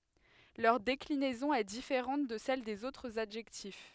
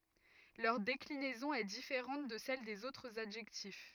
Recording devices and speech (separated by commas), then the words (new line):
headset microphone, rigid in-ear microphone, read sentence
Leur déclinaison est différente de celles des autres adjectifs.